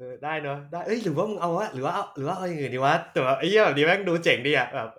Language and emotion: Thai, happy